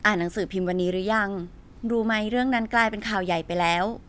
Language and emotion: Thai, neutral